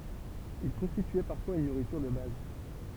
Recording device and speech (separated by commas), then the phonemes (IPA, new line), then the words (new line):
temple vibration pickup, read sentence
il kɔ̃stityɛ paʁfwaz yn nuʁityʁ də baz
Il constituait parfois une nourriture de base.